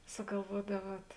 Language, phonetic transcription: Lithuanian, sugalˈvuodaˌvuot

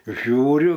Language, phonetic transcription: Lithuanian, ˈžiūriu

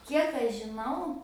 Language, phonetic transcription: Lithuanian, ˈkiek aš žiˈnau

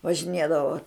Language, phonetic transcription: Lithuanian, važiˈnėdavo

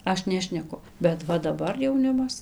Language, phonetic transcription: Lithuanian, ˈaš ˈnešneku bet ˈva daˈbar jauˈnimas

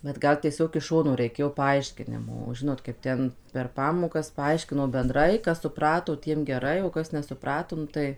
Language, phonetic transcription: Lithuanian, bet ˈgal tieˈsiog iš ˈšono reiˈkėjo paˈaiškinimo o ˈžinot kaip ˈten per ˈpamokas paˈaiškino benˈdrai ˈkas suˈprato ˈtiem geˈrai o ˈkas nesuˈprato ˈnu tai

